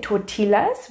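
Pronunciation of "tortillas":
'Tortillas' is pronounced incorrectly here, with the L sounded.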